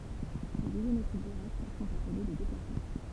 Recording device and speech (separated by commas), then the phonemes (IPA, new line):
temple vibration pickup, read sentence
lez izometʁi diʁɛkt sɔ̃t aple de deplasmɑ̃